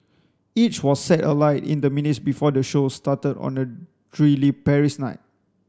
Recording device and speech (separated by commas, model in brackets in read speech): standing microphone (AKG C214), read sentence